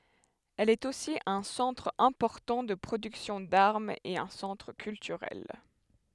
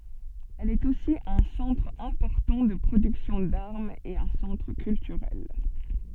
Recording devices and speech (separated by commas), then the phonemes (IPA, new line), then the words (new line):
headset microphone, soft in-ear microphone, read sentence
ɛl ɛt osi œ̃ sɑ̃tʁ ɛ̃pɔʁtɑ̃ də pʁodyksjɔ̃ daʁmz e œ̃ sɑ̃tʁ kyltyʁɛl
Elle est aussi un centre important de production d'armes et un centre culturel.